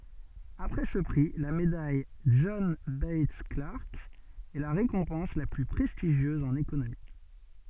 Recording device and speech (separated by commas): soft in-ear microphone, read sentence